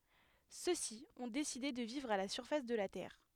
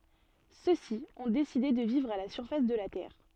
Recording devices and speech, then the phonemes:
headset microphone, soft in-ear microphone, read sentence
sø si ɔ̃ deside də vivʁ a la syʁfas də la tɛʁ

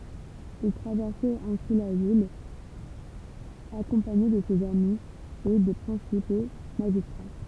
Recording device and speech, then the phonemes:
temple vibration pickup, read sentence
il tʁavɛʁsɛt ɛ̃si la vil akɔ̃paɲe də sez ami e de pʁɛ̃sipo maʒistʁa

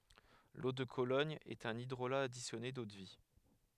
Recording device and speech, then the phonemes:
headset microphone, read sentence
lo də kolɔɲ ɛt œ̃n idʁola adisjɔne dodvi

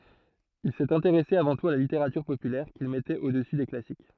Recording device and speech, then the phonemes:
throat microphone, read sentence
il sɛt ɛ̃teʁɛse avɑ̃ tut a la liteʁatyʁ popylɛʁ kil mɛtɛt odəsy de klasik

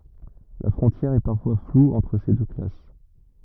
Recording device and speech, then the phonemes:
rigid in-ear microphone, read sentence
la fʁɔ̃tjɛʁ ɛ paʁfwa flu ɑ̃tʁ se dø klas

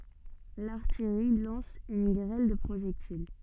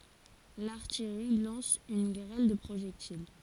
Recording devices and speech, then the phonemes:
soft in-ear microphone, forehead accelerometer, read sentence
laʁtijʁi lɑ̃s yn ɡʁɛl də pʁoʒɛktil

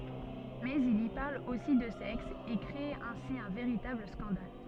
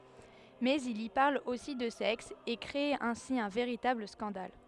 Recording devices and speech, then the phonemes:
soft in-ear microphone, headset microphone, read sentence
mɛz il i paʁl osi də sɛks e kʁe ɛ̃si œ̃ veʁitabl skɑ̃dal

